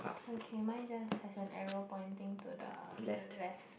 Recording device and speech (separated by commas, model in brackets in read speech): boundary microphone, conversation in the same room